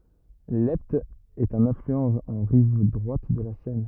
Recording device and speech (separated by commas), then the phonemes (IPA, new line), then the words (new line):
rigid in-ear microphone, read sentence
lɛpt ɛt œ̃n aflyɑ̃ ɑ̃ ʁiv dʁwat də la sɛn
L’Epte est un affluent en rive droite de la Seine.